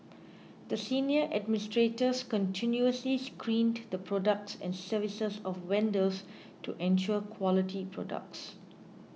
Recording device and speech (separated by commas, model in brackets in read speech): mobile phone (iPhone 6), read sentence